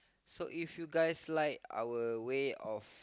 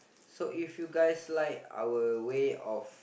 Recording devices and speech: close-talking microphone, boundary microphone, conversation in the same room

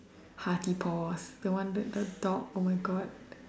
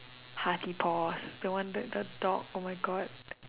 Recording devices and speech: standing microphone, telephone, conversation in separate rooms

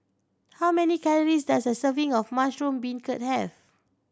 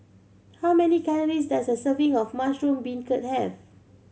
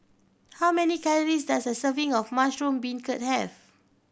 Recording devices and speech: standing microphone (AKG C214), mobile phone (Samsung C7100), boundary microphone (BM630), read sentence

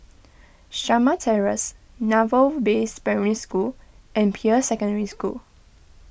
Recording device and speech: boundary microphone (BM630), read sentence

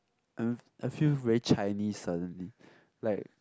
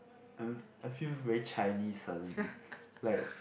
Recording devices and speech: close-talking microphone, boundary microphone, conversation in the same room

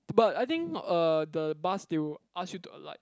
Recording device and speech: close-talking microphone, conversation in the same room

